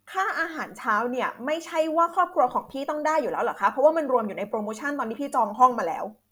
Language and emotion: Thai, angry